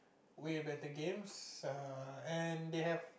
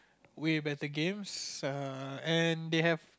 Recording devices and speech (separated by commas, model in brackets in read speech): boundary microphone, close-talking microphone, conversation in the same room